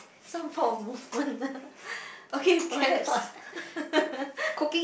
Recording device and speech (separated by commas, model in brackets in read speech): boundary microphone, conversation in the same room